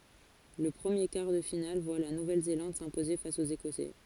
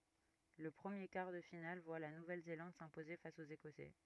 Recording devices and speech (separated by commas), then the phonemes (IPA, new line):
forehead accelerometer, rigid in-ear microphone, read sentence
lə pʁəmje kaʁ də final vwa la nuvɛl zelɑ̃d sɛ̃poze fas oz ekɔsɛ